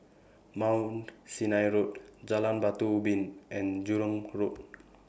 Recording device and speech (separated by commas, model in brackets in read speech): boundary microphone (BM630), read sentence